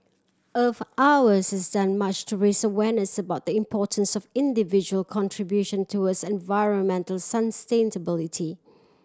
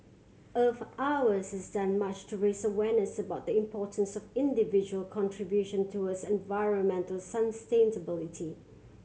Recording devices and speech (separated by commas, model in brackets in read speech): standing microphone (AKG C214), mobile phone (Samsung C7100), read sentence